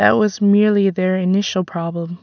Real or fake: real